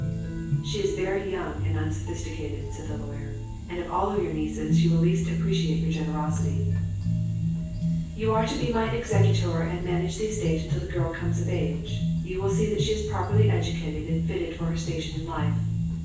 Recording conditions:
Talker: one person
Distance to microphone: 9.8 m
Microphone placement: far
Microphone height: 1.8 m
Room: large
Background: music

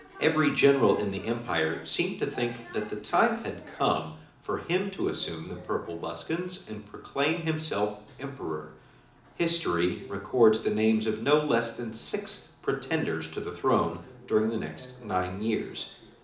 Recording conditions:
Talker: one person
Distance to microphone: 2.0 m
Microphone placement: close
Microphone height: 99 cm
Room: medium-sized (5.7 m by 4.0 m)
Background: television

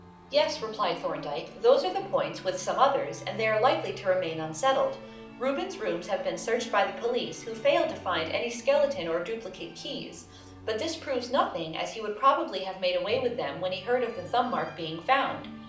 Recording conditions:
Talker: one person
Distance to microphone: 2.0 m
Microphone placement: close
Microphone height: 99 cm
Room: medium-sized (5.7 m by 4.0 m)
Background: music

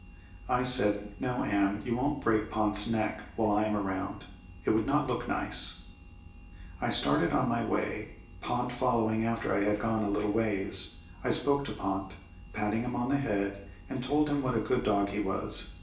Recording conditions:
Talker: one person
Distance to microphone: 1.8 m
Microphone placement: close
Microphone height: 1.0 m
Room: large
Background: none

